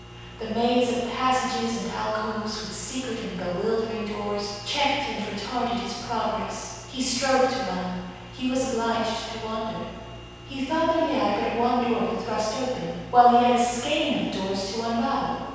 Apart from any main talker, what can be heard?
Nothing.